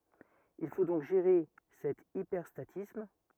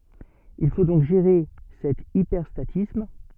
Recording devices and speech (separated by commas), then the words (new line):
rigid in-ear microphone, soft in-ear microphone, read sentence
Il faut donc gérer cet hyperstatisme.